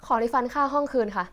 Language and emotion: Thai, frustrated